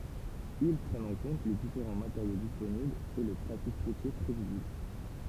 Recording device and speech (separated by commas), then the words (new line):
temple vibration pickup, read sentence
Ils prennent en compte les différents matériaux disponibles, et le trafic routier prévisible.